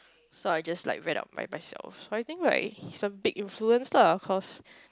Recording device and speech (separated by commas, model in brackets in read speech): close-talking microphone, conversation in the same room